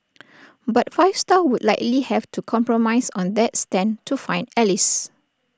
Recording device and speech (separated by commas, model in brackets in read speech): standing microphone (AKG C214), read sentence